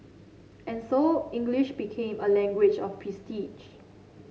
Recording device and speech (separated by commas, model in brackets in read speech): mobile phone (Samsung C7), read sentence